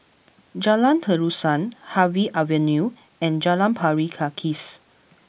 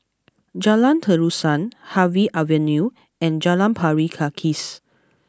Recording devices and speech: boundary microphone (BM630), close-talking microphone (WH20), read sentence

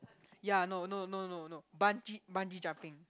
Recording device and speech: close-talking microphone, conversation in the same room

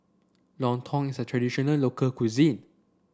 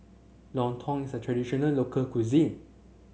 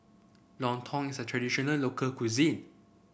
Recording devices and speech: standing microphone (AKG C214), mobile phone (Samsung C7), boundary microphone (BM630), read sentence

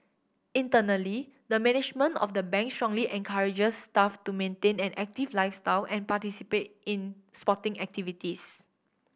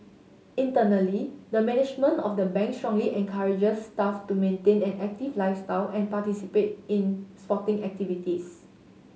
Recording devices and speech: boundary microphone (BM630), mobile phone (Samsung S8), read sentence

